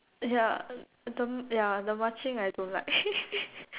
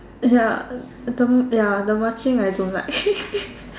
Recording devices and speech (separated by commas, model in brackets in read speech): telephone, standing microphone, conversation in separate rooms